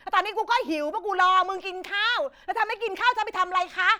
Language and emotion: Thai, angry